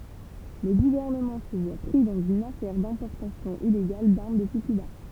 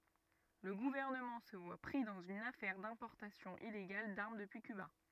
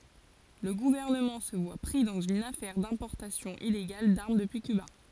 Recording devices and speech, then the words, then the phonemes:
temple vibration pickup, rigid in-ear microphone, forehead accelerometer, read sentence
Le gouvernement se voit pris dans une affaire d'importation illégale d'armes depuis Cuba.
lə ɡuvɛʁnəmɑ̃ sə vwa pʁi dɑ̃z yn afɛʁ dɛ̃pɔʁtasjɔ̃ ileɡal daʁm dəpyi kyba

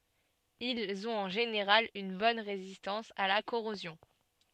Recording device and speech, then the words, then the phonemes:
soft in-ear microphone, read sentence
Ils ont en général une bonne résistance à la corrosion.
ilz ɔ̃t ɑ̃ ʒeneʁal yn bɔn ʁezistɑ̃s a la koʁozjɔ̃

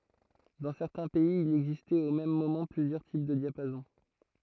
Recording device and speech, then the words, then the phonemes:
throat microphone, read sentence
Dans certains pays, il existait au même moment plusieurs types de diapason.
dɑ̃ sɛʁtɛ̃ pɛiz il ɛɡzistɛt o mɛm momɑ̃ plyzjœʁ tip də djapazɔ̃

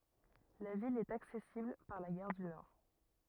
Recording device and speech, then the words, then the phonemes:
rigid in-ear microphone, read sentence
La ville est accessible par la gare du Nord.
la vil ɛt aksɛsibl paʁ la ɡaʁ dy nɔʁ

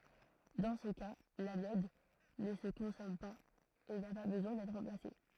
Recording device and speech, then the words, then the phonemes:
throat microphone, read sentence
Dans ce cas, l'anode ne se consomme pas et n'a pas besoin d'être remplacée.
dɑ̃ sə ka lanɔd nə sə kɔ̃sɔm paz e na pa bəzwɛ̃ dɛtʁ ʁɑ̃plase

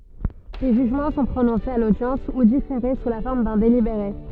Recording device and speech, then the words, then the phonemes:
soft in-ear microphone, read sentence
Les jugements sont prononcés à l'audience, ou différés, sous la forme d'un délibéré.
le ʒyʒmɑ̃ sɔ̃ pʁonɔ̃sez a lodjɑ̃s u difeʁe su la fɔʁm dœ̃ delibeʁe

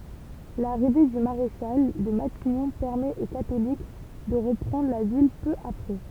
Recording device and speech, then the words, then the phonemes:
temple vibration pickup, read sentence
L'arrivée du maréchal de Matignon permet aux catholiques de reprendre la ville peu après.
laʁive dy maʁeʃal də matiɲɔ̃ pɛʁmɛt o katolik də ʁəpʁɑ̃dʁ la vil pø apʁɛ

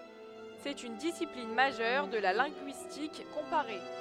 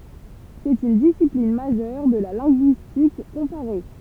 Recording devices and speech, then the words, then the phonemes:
headset microphone, temple vibration pickup, read sentence
C'est une discipline majeure de la linguistique comparée.
sɛt yn disiplin maʒœʁ də la lɛ̃ɡyistik kɔ̃paʁe

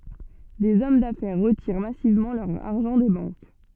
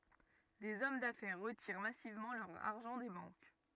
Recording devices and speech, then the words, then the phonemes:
soft in-ear microphone, rigid in-ear microphone, read sentence
Des hommes d'affaires retirent massivement leur argent des banques.
dez ɔm dafɛʁ ʁətiʁ masivmɑ̃ lœʁ aʁʒɑ̃ de bɑ̃k

